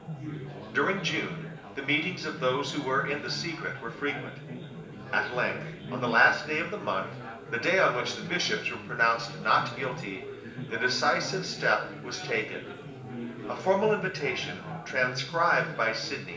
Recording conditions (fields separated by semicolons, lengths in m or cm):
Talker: one person; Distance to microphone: 1.8 m; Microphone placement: close; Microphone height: 1.0 m; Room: large; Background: babble